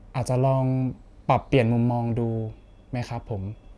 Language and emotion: Thai, neutral